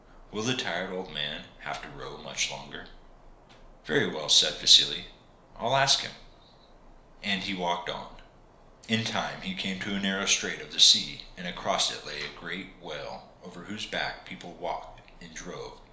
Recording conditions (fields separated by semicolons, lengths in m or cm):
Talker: one person; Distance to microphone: 1.0 m; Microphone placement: close; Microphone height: 1.1 m; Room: small (3.7 m by 2.7 m); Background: none